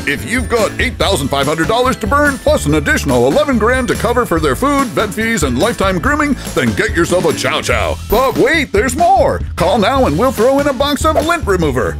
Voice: infomercial voice